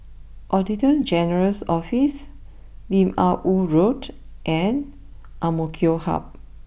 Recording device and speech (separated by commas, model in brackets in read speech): boundary microphone (BM630), read sentence